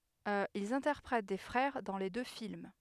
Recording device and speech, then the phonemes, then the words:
headset microphone, read sentence
ilz ɛ̃tɛʁpʁɛt de fʁɛʁ dɑ̃ le dø film
Ils interprètent des frères dans les deux films.

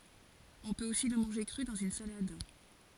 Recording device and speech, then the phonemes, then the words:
forehead accelerometer, read sentence
ɔ̃ pøt osi lə mɑ̃ʒe kʁy dɑ̃z yn salad
On peut aussi le manger cru, dans une salade.

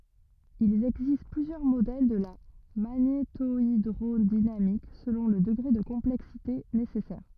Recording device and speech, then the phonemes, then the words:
rigid in-ear microphone, read sentence
il ɛɡzist plyzjœʁ modɛl də la maɲetoidʁodinamik səlɔ̃ lə dəɡʁe də kɔ̃plɛksite nesɛsɛʁ
Il existe plusieurs modèles de la magnétohydrodynamique selon le degré de complexité nécessaire.

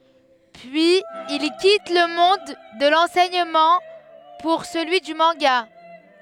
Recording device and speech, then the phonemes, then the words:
headset microphone, read sentence
pyiz il kit lə mɔ̃d də lɑ̃sɛɲəmɑ̃ puʁ səlyi dy mɑ̃ɡa
Puis il quitte le monde de l'enseignement pour celui du manga.

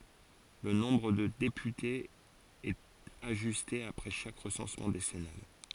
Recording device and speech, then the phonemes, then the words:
forehead accelerometer, read sentence
lə nɔ̃bʁ də depytez ɛt aʒyste apʁɛ ʃak ʁəsɑ̃smɑ̃ desɛnal
Le nombre de députés est ajusté après chaque recensement décennal.

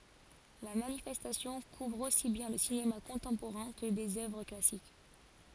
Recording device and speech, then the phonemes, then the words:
forehead accelerometer, read sentence
la manifɛstasjɔ̃ kuvʁ osi bjɛ̃ lə sinema kɔ̃tɑ̃poʁɛ̃ kə dez œvʁ klasik
La manifestation couvre aussi bien le cinéma contemporain que des œuvres classiques.

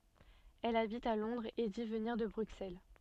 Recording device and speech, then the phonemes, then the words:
soft in-ear microphone, read sentence
ɛl abit a lɔ̃dʁz e di vəniʁ də bʁyksɛl
Elle habite à Londres et dit venir de Bruxelles.

